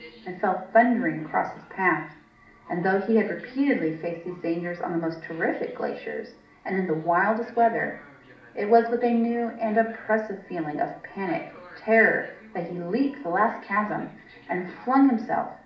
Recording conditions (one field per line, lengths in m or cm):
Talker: one person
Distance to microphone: 2.0 m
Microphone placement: close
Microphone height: 99 cm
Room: medium-sized (5.7 m by 4.0 m)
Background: television